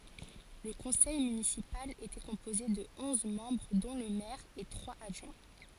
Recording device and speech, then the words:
forehead accelerometer, read sentence
Le conseil municipal était composé de onze membres dont le maire et trois adjoints.

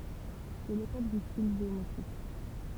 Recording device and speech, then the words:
temple vibration pickup, read sentence
C'est l'époque du style géométrique.

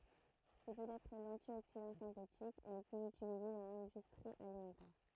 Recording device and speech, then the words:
throat microphone, read sentence
C’est peut-être l’antioxydant synthétique le plus utilisé dans l’industrie alimentaire.

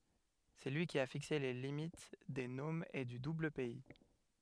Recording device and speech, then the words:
headset microphone, read sentence
C'est lui qui a fixé les limites des nomes et du Double-Pays.

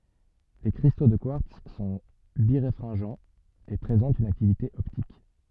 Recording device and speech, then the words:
soft in-ear microphone, read sentence
Les cristaux de quartz sont biréfringents, et présentent une activité optique.

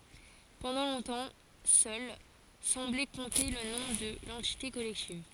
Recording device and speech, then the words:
forehead accelerometer, read sentence
Pendant longtemps seule semblait compter le nom de l'entité collective.

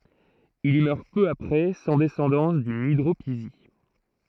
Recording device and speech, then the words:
throat microphone, read sentence
Il y meurt peu après, sans descendance, d’une hydropisie.

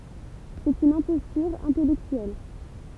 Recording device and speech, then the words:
temple vibration pickup, read sentence
C'est une imposture intellectuelle.

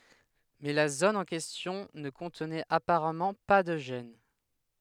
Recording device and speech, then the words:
headset microphone, read sentence
Mais la zone en question ne contenait apparemment pas de gène.

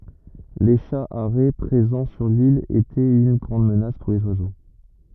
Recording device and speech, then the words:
rigid in-ear microphone, read sentence
Les chats harets présents sur l’île étaient une grande menace pour les oiseaux.

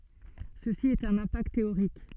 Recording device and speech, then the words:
soft in-ear microphone, read sentence
Ceci est un impact théorique.

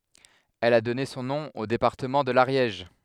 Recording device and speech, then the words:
headset microphone, read sentence
Elle a donné son nom au département de l'Ariège.

